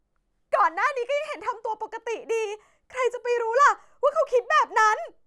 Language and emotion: Thai, angry